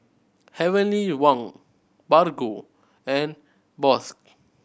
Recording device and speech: boundary microphone (BM630), read sentence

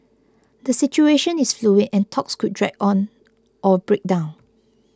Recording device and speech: close-talking microphone (WH20), read sentence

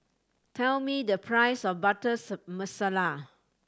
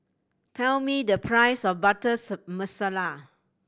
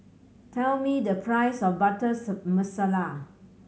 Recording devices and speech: standing microphone (AKG C214), boundary microphone (BM630), mobile phone (Samsung C7100), read sentence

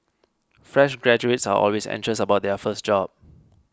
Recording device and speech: close-talking microphone (WH20), read sentence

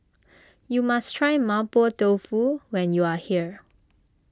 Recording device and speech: close-talking microphone (WH20), read sentence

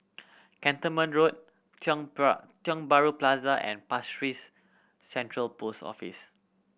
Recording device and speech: boundary microphone (BM630), read sentence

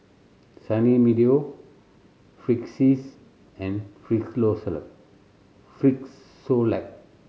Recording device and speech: mobile phone (Samsung C7100), read sentence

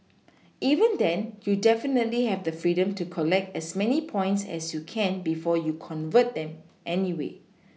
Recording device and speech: mobile phone (iPhone 6), read sentence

